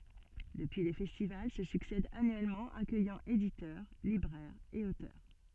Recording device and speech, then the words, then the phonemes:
soft in-ear microphone, read sentence
Depuis les festivals se succèdent annuellement, accueillant éditeurs, libraires et auteurs.
dəpyi le fɛstival sə syksɛdt anyɛlmɑ̃ akœjɑ̃ editœʁ libʁɛʁz e otœʁ

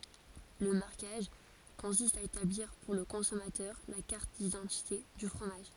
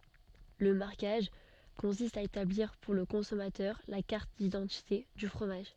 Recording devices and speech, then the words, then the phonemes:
forehead accelerometer, soft in-ear microphone, read sentence
Le marquage consiste à établir pour le consommateur la carte d’identité du fromage.
lə maʁkaʒ kɔ̃sist a etabliʁ puʁ lə kɔ̃sɔmatœʁ la kaʁt didɑ̃tite dy fʁomaʒ

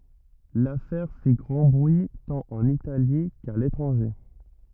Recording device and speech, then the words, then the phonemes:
rigid in-ear microphone, read sentence
L'affaire fit grand bruit tant en Italie qu'à l'étranger.
lafɛʁ fi ɡʁɑ̃ bʁyi tɑ̃t ɑ̃n itali ka letʁɑ̃ʒe

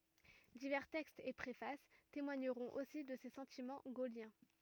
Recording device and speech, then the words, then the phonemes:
rigid in-ear microphone, read sentence
Divers textes et préfaces témoigneront aussi de ses sentiments gaulliens.
divɛʁ tɛkstz e pʁefas temwaɲəʁɔ̃t osi də se sɑ̃timɑ̃ ɡoljɛ̃

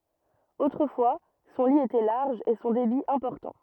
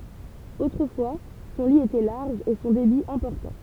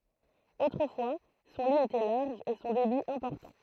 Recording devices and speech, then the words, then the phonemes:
rigid in-ear microphone, temple vibration pickup, throat microphone, read sentence
Autrefois, son lit était large et son débit important.
otʁəfwa sɔ̃ li etɛ laʁʒ e sɔ̃ debi ɛ̃pɔʁtɑ̃

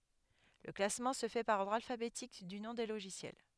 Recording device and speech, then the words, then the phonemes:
headset microphone, read sentence
Le classement se fait par ordre alphabétique du nom des logiciels.
lə klasmɑ̃ sə fɛ paʁ ɔʁdʁ alfabetik dy nɔ̃ de loʒisjɛl

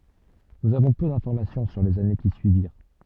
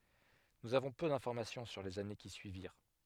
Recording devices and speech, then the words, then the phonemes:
soft in-ear microphone, headset microphone, read sentence
Nous avons peu d’information sur les années qui suivirent.
nuz avɔ̃ pø dɛ̃fɔʁmasjɔ̃ syʁ lez ane ki syiviʁ

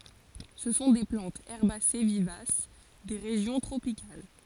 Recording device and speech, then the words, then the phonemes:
forehead accelerometer, read sentence
Ce sont des plantes herbacées vivaces des régions tropicales.
sə sɔ̃ de plɑ̃tz ɛʁbase vivas de ʁeʒjɔ̃ tʁopikal

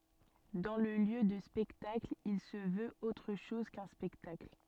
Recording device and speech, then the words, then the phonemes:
soft in-ear microphone, read sentence
Dans le lieu de spectacle, il se veut autre chose qu'un spectacle.
dɑ̃ lə ljø də spɛktakl il sə vøt otʁ ʃɔz kœ̃ spɛktakl

